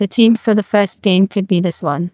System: TTS, neural waveform model